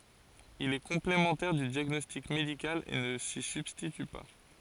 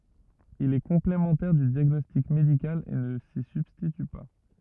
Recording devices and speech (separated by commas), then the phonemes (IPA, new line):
forehead accelerometer, rigid in-ear microphone, read sentence
il ɛ kɔ̃plemɑ̃tɛʁ dy djaɡnɔstik medikal e nə si sybstity pa